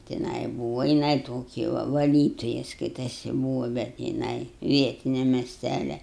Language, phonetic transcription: Lithuanian, tiˈnai ˈbūva jiˈnai ˈtoki va vaˈlytoja ˈskaitasi ˈbūva bet jiˈnai ˈvietinia mesˈtælia

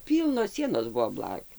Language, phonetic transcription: Lithuanian, ˈpylnos ˈsienos ˈbuvo ˈblakių

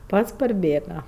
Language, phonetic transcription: Lithuanian, ˈpats parˈbėga

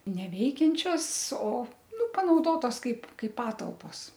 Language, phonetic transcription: Lithuanian, neˈveikiančios o ˈnu panauˈdotos ˈkaip ˈkai ˈpatalpos

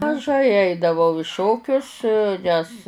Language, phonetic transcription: Lithuanian, maˈžai ˈaidavau i ˈšokius ˈnes

